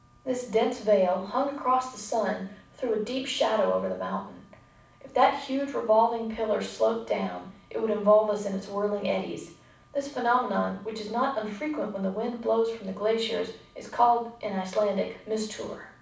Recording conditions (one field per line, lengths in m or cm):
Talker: one person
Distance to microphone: 5.8 m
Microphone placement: far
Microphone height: 1.8 m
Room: medium-sized (5.7 m by 4.0 m)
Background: none